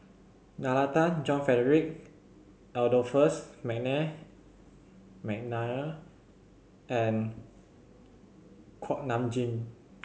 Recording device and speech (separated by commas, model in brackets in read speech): mobile phone (Samsung C7100), read sentence